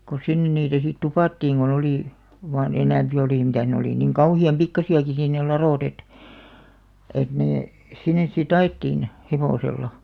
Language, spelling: Finnish, kun sinne niitä sitten tupattiin kun oli vain enempi oli mitä ne oli niin kauhean pikkuisiakin sitten ne ladot että että ne sinne sitten ajettiin hevosella
- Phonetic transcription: ko 'sinnen niitä sit "tupàttiiŋ ɢo'n ‿olì , vaan 'enämpi olì 'mitä̀ʰ ne olì niŋ "kauhi₍am "pikkasi₍aki sìn ne "laròt ‿et , et 'nee , 'sin̆nes si"t ‿a₍ettiin , 'hevòsella .

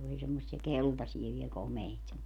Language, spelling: Finnish, oli semmoisia keltaisia vielä komeita
- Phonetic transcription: oli semmossiɛ "keltasie viel 'komeit .

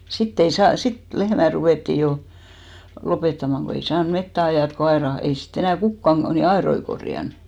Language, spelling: Finnish, sitten ei saanut sitten lehmät ruvettiin jo lopettamaan kun ei saanut metsään ajaa kun aidat kun ei sitten enää kukaan niin aitoja korjannut
- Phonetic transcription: 'sitt ‿ei 'saan , 'sit 'lehmä 'ruvèttì 'jo , 'lopettamaŋ ko ei "saan 'mettä 'ajàt ko 'aera , ko ei 'si't ‿enä̀ "kukkan , ni "aeroi korjan .

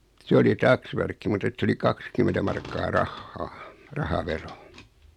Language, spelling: Finnish, se oli taksvärkki mutta että se oli kaksikymmentä markkaa rahaa rahavero
- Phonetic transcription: 'se oli "taksvärkki mut ‿et s ‿oli "kakskymentä 'markkaa "rahhaa , 'raha'vero .

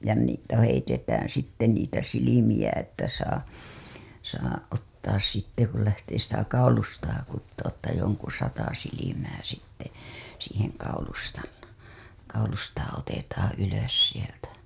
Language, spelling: Finnish, ja niitä heitetään sitten niitä silmiä että saa saa ottaa sitten kun lähtee sitä kaulustaa kutomaan että jonkun sata silmää sitten siihen kaulustan kaulustaan otetaan ylös sieltä
- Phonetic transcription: ja niitä heitetäää̰ sitte niitä 'silimiʲä että saa , saa ottaas sitte ku lähtee sitä 'kaulustaa kuttoo ‿ttä joŋku 'sata silimää sitte , siiheŋ kaulustan , kaulustaa otetaaa̰ 'ylös sieltä .

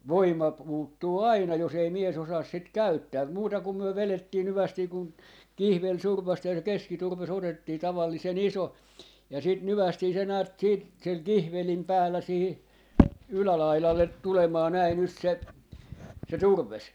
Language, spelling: Finnish, voima puuttuu aina jos ei mies osaa sitä käyttää muuta kun me vedettiin hyvästi kun kihveli survaistiin ja se keskiturve otettiin tavallisen iso ja sitten nykäistiin se näet siitä sillä kihvelin päällä siihen ylälaidalle tulemaan näin nyt se se turve
- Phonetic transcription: "voima 'puuttuu "aina 'jos ‿ei 'mie's ‿osaas 'sit "käyttää , 'muuta kum myö 'velettiin 'hyvästii kun , "kihvel 'surv̆vasti ja se "keskiturve's ‿otettii 'tavallise"n ‿iso , ja 'sit "nyvästii se näät 'siit , sil "kihvelim "päällä sihi , "ylälailallet 'tulemaa näi 'nyt 'se , se "turvves .

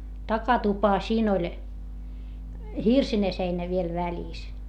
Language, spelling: Finnish, takatupa siinä oli hirsinen seinä vielä välissä
- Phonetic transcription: takatupa siin ‿oĺ , hirsine seinä viel väĺìs .

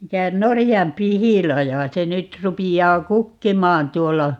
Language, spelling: Finnish, mikä norjanpihlaja se nyt rupeaa kukkimaan tuolla
- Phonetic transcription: 'mikä , 'norijam"pihilaja - 'se nyt 'rupijjaa "kukkimaan 'tuolla ,.

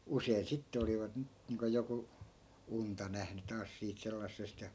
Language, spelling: Finnish, usein sitten olivat - niin kuin joku unta nähnyt taas siitä sellaisesta ja
- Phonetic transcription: 'usein 'sitte olivat ni- , niiŋko joku , "unta nähny 'taas siit 'sellassest ja .

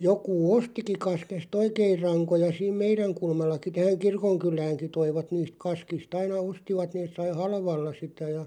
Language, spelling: Finnish, joku ostikin kaskesta oikein rankoja siinä meidän kulmallakin tähän kirkonkyläänkin toivat niistä kaskista aina ostivat ne sai halvalla sitä ja
- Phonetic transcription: 'jokuu "ostiki 'kaskes"t ‿oikeiʳ 'raŋkoja 'siim "meiräŋ 'kulmallaki 'tähäŋ "kirkoŋkyl̀ääŋki 'toivat niist 'kaskis't ‿aina "ostivat 'nees sai "halvalla sitä ja ,.

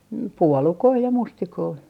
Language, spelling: Finnish, puolukoita ja mustikoita
- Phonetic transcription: "puolukoi ja "mustikoi .

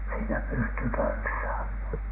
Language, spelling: Finnish, siinä pystyi tanssimaan
- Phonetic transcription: siinä pysty tanssaamhAN .

